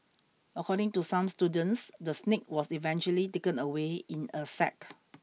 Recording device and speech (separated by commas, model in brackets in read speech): mobile phone (iPhone 6), read sentence